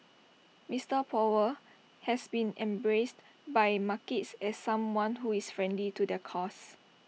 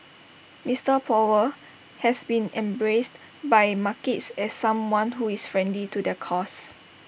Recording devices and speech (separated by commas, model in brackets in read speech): mobile phone (iPhone 6), boundary microphone (BM630), read sentence